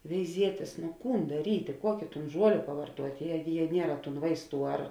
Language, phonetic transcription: Lithuanian, veiˈzietės no ˈkūn daˈrytė ˈkuokė ˈtūn ˈžuolė pavarˈtuot' ˈjie jie ˈniera tūn ˈvaisˌtų ar

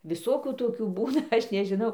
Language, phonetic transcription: Lithuanian, viˈsokių ˈtokių ˈbūna ˈaš nežiˈnau

